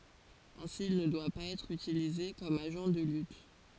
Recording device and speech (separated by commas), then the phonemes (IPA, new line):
forehead accelerometer, read sentence
ɛ̃si il nə dwa paz ɛtʁ ytilize kɔm aʒɑ̃ də lyt